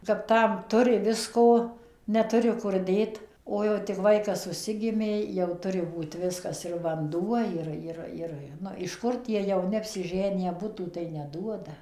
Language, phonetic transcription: Lithuanian, kap ˈtam ˈturi ˈvisko neˈturi ˈkur ˈdėt o jau tik ˈvaikas užˈsigimė jau ˈturi ˈbūt ˈviskas ir vanˈduo ˈjir ˈjir ˈir ˈnu iš ˈkur tie jauˈni apsiˈženiję ˈbutų tai neˈduoda

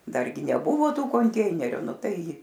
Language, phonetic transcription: Lithuanian, ˈdargi neˈbuvo ˈtų konˈteineriu ˈnu ˈtai

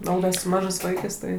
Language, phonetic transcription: Lithuanian, o ˈda su ˈmažɜs ˈvaikɜs ˈtai

